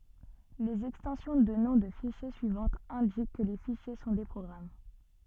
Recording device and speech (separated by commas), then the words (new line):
soft in-ear microphone, read sentence
Les extensions de noms de fichiers suivantes indiquent que les fichiers sont des programmes.